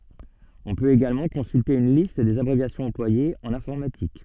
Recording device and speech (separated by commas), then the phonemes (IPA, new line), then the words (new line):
soft in-ear microphone, read sentence
ɔ̃ pøt eɡalmɑ̃ kɔ̃sylte yn list dez abʁevjasjɔ̃z ɑ̃plwajez ɑ̃n ɛ̃fɔʁmatik
On peut également consulter une liste des abréviations employées en informatique.